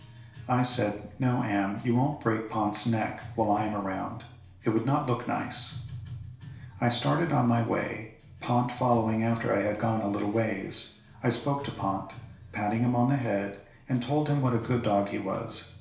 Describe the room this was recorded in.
A small space.